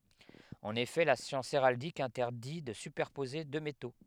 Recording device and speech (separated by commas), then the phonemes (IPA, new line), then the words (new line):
headset microphone, read sentence
ɑ̃n efɛ la sjɑ̃s eʁaldik ɛ̃tɛʁdi də sypɛʁpoze dø meto
En effet, la science héraldique interdit de superposer deux métaux.